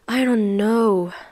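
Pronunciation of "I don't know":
'I don't know' is said in a frustrated tone.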